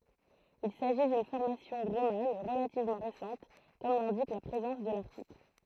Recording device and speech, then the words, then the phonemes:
throat microphone, read sentence
Il s'agit d'une formation romane relativement récente comme l'indique la présence de l'article.
il saʒi dyn fɔʁmasjɔ̃ ʁoman ʁəlativmɑ̃ ʁesɑ̃t kɔm lɛ̃dik la pʁezɑ̃s də laʁtikl

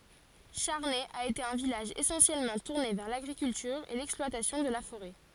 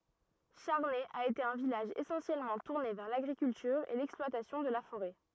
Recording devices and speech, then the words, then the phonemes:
forehead accelerometer, rigid in-ear microphone, read sentence
Charnay a été un village essentiellement tourné vers l'agriculture et l'exploitation de la forêt.
ʃaʁnɛ a ete œ̃ vilaʒ esɑ̃sjɛlmɑ̃ tuʁne vɛʁ laɡʁikyltyʁ e lɛksplwatasjɔ̃ də la foʁɛ

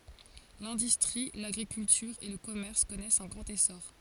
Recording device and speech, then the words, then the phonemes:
forehead accelerometer, read sentence
L'industrie, l'agriculture et le commerce connaissent un grand essor.
lɛ̃dystʁi laɡʁikyltyʁ e lə kɔmɛʁs kɔnɛst œ̃ ɡʁɑ̃t esɔʁ

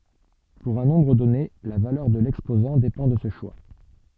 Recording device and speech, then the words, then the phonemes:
soft in-ear microphone, read sentence
Pour un nombre donné, la valeur de l'exposant dépend de ce choix.
puʁ œ̃ nɔ̃bʁ dɔne la valœʁ də lɛkspozɑ̃ depɑ̃ də sə ʃwa

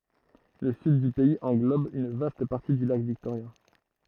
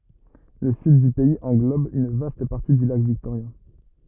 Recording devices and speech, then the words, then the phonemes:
throat microphone, rigid in-ear microphone, read sentence
Le Sud du pays englobe une vaste partie du lac Victoria.
lə syd dy pɛiz ɑ̃ɡlɔb yn vast paʁti dy lak viktoʁja

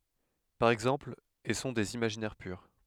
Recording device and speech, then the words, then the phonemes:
headset microphone, read sentence
Par exemple, et sont des imaginaires purs.
paʁ ɛɡzɑ̃pl e sɔ̃ dez imaʒinɛʁ pyʁ

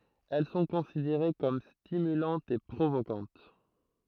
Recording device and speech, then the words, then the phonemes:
throat microphone, read sentence
Elles sont considérées comme stimulantes et provocantes.
ɛl sɔ̃ kɔ̃sideʁe kɔm stimylɑ̃tz e pʁovokɑ̃t

